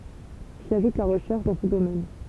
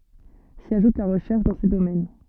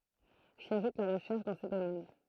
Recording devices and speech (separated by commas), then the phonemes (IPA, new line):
temple vibration pickup, soft in-ear microphone, throat microphone, read sentence
si aʒut la ʁəʃɛʁʃ dɑ̃ se domɛn